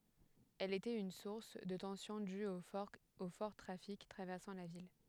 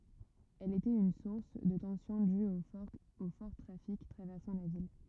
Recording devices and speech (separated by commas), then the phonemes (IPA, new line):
headset microphone, rigid in-ear microphone, read sentence
ɛl etɛt yn suʁs də tɑ̃sjɔ̃ dyz o fɔʁ tʁafik tʁavɛʁsɑ̃ la vil